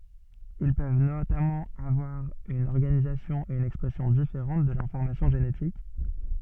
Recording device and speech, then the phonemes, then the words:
soft in-ear microphone, read sentence
il pøv notamɑ̃ avwaʁ yn ɔʁɡanizasjɔ̃ e yn ɛkspʁɛsjɔ̃ difeʁɑ̃t də lɛ̃fɔʁmasjɔ̃ ʒenetik
Ils peuvent notamment avoir une organisation et une expression différente de l'information génétique.

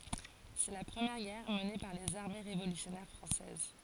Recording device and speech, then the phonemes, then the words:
forehead accelerometer, read sentence
sɛ la pʁəmjɛʁ ɡɛʁ məne paʁ lez aʁme ʁevolysjɔnɛʁ fʁɑ̃sɛz
C'est la première guerre menée par les armées révolutionnaires françaises.

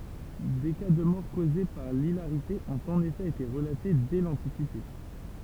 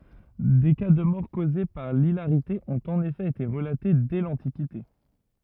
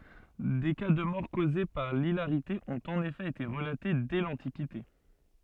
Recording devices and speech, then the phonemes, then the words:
temple vibration pickup, rigid in-ear microphone, soft in-ear microphone, read sentence
de ka də mɔʁ koze paʁ lilaʁite ɔ̃t ɑ̃n efɛ ete ʁəlate dɛ lɑ̃tikite
Des cas de mort causée par l'hilarité ont en effet été relatés dès l'antiquité.

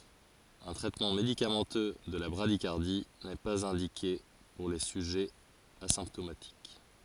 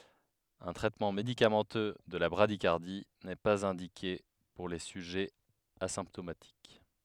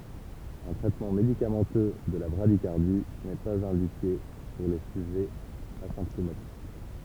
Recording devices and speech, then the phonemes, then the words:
forehead accelerometer, headset microphone, temple vibration pickup, read sentence
œ̃ tʁɛtmɑ̃ medikamɑ̃tø də la bʁadikaʁdi nɛ paz ɛ̃dike puʁ le syʒɛz azɛ̃ptomatik
Un traitement médicamenteux de la bradycardie n'est pas indiqué pour les sujets asymptomatiques.

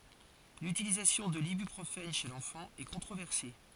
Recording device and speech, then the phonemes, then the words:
forehead accelerometer, read sentence
lytilizasjɔ̃ də libypʁofɛn ʃe lɑ̃fɑ̃ ɛ kɔ̃tʁovɛʁse
L'utilisation de l'ibuprofène chez l'enfant est controversée.

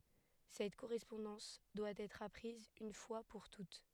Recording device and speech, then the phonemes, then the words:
headset microphone, read sentence
sɛt koʁɛspɔ̃dɑ̃s dwa ɛtʁ apʁiz yn fwa puʁ tut
Cette correspondance doit être apprise une fois pour toutes.

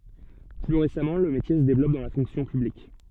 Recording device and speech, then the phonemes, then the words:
soft in-ear microphone, read sentence
ply ʁesamɑ̃ lə metje sə devlɔp dɑ̃ la fɔ̃ksjɔ̃ pyblik
Plus récemment, le métier se développe dans la fonction publique.

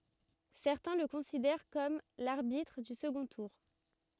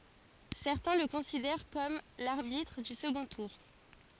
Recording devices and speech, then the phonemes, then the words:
rigid in-ear microphone, forehead accelerometer, read sentence
sɛʁtɛ̃ lə kɔ̃sidɛʁ kɔm laʁbitʁ dy səɡɔ̃ tuʁ
Certains le considèrent comme l'arbitre du second tour.

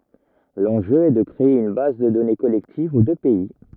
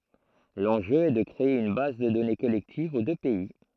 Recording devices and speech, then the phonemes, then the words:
rigid in-ear microphone, throat microphone, read sentence
lɑ̃ʒø ɛ də kʁee yn baz də dɔne kɔlɛktiv o dø pɛi
L'enjeu est de créer une base de données collective aux deux pays.

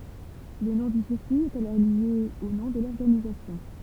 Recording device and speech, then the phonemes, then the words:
temple vibration pickup, read sentence
lə nɔ̃ dy siʁkyi ɛt alɔʁ lje o nɔ̃ də lɔʁɡanizasjɔ̃
Le nom du circuit est alors lié au nom de l'organisation.

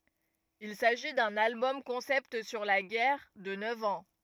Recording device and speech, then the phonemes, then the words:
rigid in-ear microphone, read sentence
il saʒi dœ̃n albɔm kɔ̃sɛpt syʁ la ɡɛʁ də nœv ɑ̃
Il s'agit d'un album concept sur la guerre de neuf ans.

